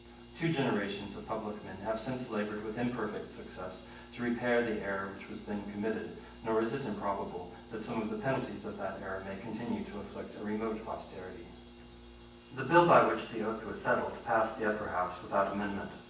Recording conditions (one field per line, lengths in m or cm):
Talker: one person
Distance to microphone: 9.8 m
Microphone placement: far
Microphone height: 1.8 m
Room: large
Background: none